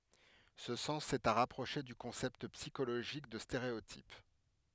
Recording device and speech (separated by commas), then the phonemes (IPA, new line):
headset microphone, read sentence
sə sɑ̃s ɛt a ʁapʁoʃe dy kɔ̃sɛpt psikoloʒik də steʁeotip